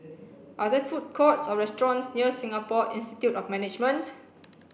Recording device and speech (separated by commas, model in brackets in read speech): boundary microphone (BM630), read sentence